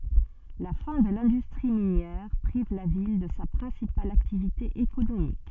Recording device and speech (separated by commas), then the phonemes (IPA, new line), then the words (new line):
soft in-ear microphone, read sentence
la fɛ̃ də lɛ̃dystʁi minjɛʁ pʁiv la vil də sa pʁɛ̃sipal aktivite ekonomik
La fin de l'industrie minière prive la ville de sa principale activité économique.